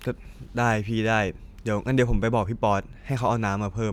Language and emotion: Thai, neutral